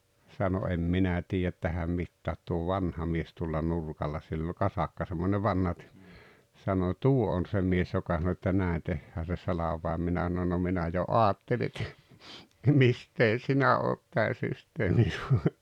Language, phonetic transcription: Finnish, sano » em 'minä 'tiijät tähäm 'mittäät tuo "vanha 'mies tuolla 'nurkalla « sill ‿oĺ "kasakka semmone 'vanha ‿t- , sano » "tuo on 'se 'mies joka sano että "nä̀en 'tehhää se 'salav̀àem « 'minä (s)anon » no 'minä jo "’oatteli et , 'mistee "sinä oot 'tää 'systeemin̬ 'sua- « .
- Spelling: sanoi en minä tiedä tähän mitään tuo vanha mies tuolla nurkalla sillä oli kasakka semmoinen vanha - sanoi tuo on se mies joka sanoi että näin tehdään se salvain minä sanoin no minä jo ajattelin että mistä sinä olet tämän systeemin -

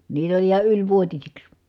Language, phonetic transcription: Finnish, niitä oĺ iha yĺvuotisiks .
- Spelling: niitä oli ihan ylivuotisiksi

